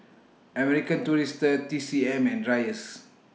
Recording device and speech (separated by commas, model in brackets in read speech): mobile phone (iPhone 6), read sentence